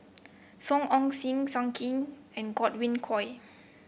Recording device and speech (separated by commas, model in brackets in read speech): boundary microphone (BM630), read sentence